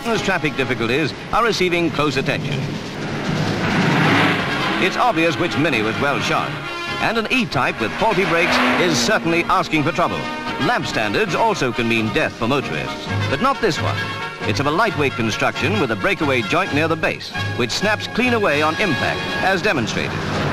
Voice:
Plummy News Reel Voice